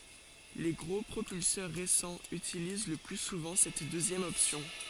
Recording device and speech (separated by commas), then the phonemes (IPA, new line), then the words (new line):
forehead accelerometer, read sentence
le ɡʁo pʁopylsœʁ ʁesɑ̃z ytiliz lə ply suvɑ̃ sɛt døzjɛm ɔpsjɔ̃
Les gros propulseurs récents utilisent le plus souvent cette deuxième option.